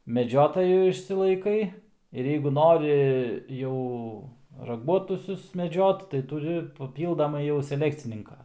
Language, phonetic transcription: Lithuanian, meˈdžiotojų išsilaiˈkai ir jeigu ˈnori ˈjau raˈguotusius meˈdžiot tai tuˈri paˈpyldamai jau seˈlekcininka

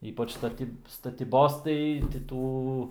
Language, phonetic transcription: Lithuanian, ˈypač staˈtyb statyˈbos tai ti ˈtų

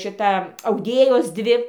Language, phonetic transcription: Lithuanian, ˈšita auˈdėjos ˈdvi

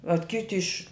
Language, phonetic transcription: Lithuanian, vat ˈkiti iš'

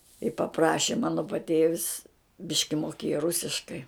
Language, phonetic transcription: Lithuanian, i paˈpraši ˈmano paˈtėvis ˈbiški moˈkėja ˈrusiškai

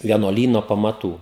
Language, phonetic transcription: Lithuanian, vienuoˈlyno pamaˈtų

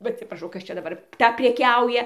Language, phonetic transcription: Lithuanian, ˈva atsipraˈšau ˈkas čia daˈbar ˈta preˈkiauja

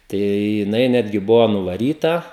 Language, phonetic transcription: Lithuanian, ˈtai jiˈnai ˈnetgi ˈbuvo nuvaˈryta

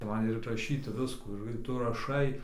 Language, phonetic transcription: Lithuanian, ˈman ir raˈšyti ˈviskų ir ˈtu raˈšai

